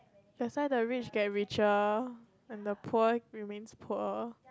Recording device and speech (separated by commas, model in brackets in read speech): close-talking microphone, conversation in the same room